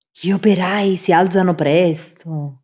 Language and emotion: Italian, surprised